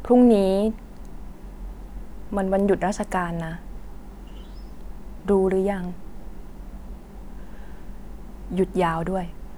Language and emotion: Thai, frustrated